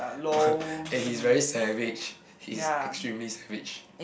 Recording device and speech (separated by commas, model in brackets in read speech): boundary microphone, conversation in the same room